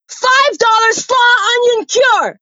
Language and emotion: English, neutral